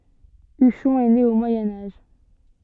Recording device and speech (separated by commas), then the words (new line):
soft in-ear microphone, read sentence
Uchon est née au Moyen Âge.